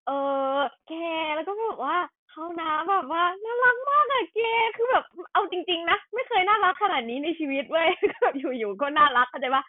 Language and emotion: Thai, happy